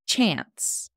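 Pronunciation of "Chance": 'Chance' is said in an American accent.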